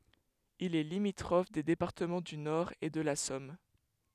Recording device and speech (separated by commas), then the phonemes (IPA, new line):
headset microphone, read sentence
il ɛ limitʁɔf de depaʁtəmɑ̃ dy nɔʁ e də la sɔm